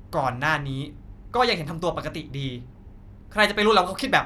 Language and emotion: Thai, angry